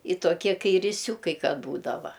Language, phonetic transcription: Lithuanian, i toˈkie ˈkai iriˈsiūkai ka ˈbūdava

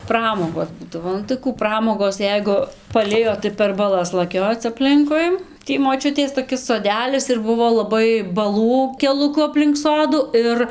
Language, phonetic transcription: Lithuanian, ˈpramogos ˈbūdavo nu tai ˈkų ˈpramogos ˈjeigu paˈlijo tai per baˈlas laˈkioc apˈlinkui ˈtį moˈčiutės toˈkis soˈdelis ir ˈbuvo laˈbai baˈlų keluˈku aplink ˈsodu ˈir

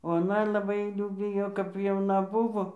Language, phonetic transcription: Lithuanian, o aˈna laˈbai ˈjų ˈbijo kap jauˈna ˈbuvo

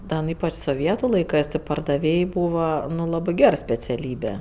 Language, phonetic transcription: Lithuanian, ˈda nu ˈypač soˈvietu laiˈkɜs ti pardaˈvėj ˈbūva nu ˈlabɜ ˈger speciaˈlybe

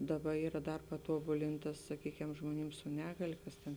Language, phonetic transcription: Lithuanian, ˈdaˌba ˈyra ˈdar paˈtuobulinta saˈkykem žmoˈnim su ˈnegalė ˈkas tėn

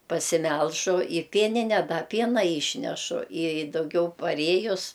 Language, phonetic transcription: Lithuanian, pasiˈmelžu i ˈpienine da ˈpiena ˈyšnešu i dauˈgiau paˈrėjus

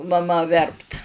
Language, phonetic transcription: Lithuanian, maˈma ˈverpt

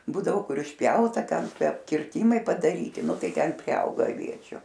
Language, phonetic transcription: Lithuanian, ˈbūdavo ˈkur išˈpjauta ˈten ˈtie kirˈtymai padaˈryti nu ˈtai ˈten priˈauga aˈviečiu

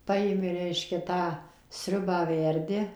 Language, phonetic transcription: Lithuanian, ˈpajimi ˈreiškia ˈtą ˈsriubą ˈverdi

